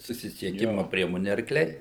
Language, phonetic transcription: Lithuanian, susisieˈkimu ˈpriemoni arkˈliai

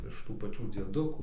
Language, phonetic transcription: Lithuanian, iš ˈtų paˈčių dzieˈdukų

